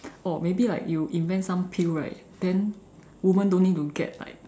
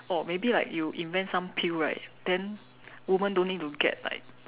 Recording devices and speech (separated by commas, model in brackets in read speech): standing microphone, telephone, conversation in separate rooms